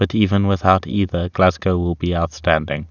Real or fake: real